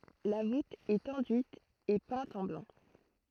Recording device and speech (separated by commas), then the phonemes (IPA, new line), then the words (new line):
throat microphone, read sentence
la vut ɛt ɑ̃dyit e pɛ̃t ɑ̃ blɑ̃
La voûte est enduite et peinte en blanc.